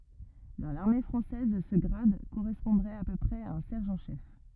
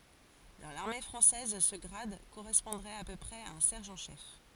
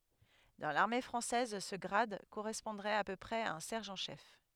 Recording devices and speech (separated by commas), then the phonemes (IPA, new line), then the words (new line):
rigid in-ear microphone, forehead accelerometer, headset microphone, read sentence
dɑ̃ laʁme fʁɑ̃sɛz sə ɡʁad koʁɛspɔ̃dʁɛt a pø pʁɛz a œ̃ sɛʁʒɑ̃ ʃɛf
Dans l'armée française, ce grade correspondrait à peu près à un sergent chef.